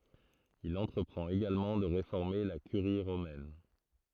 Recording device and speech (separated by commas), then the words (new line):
throat microphone, read sentence
Il entreprend également de réformer la Curie romaine.